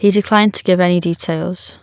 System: none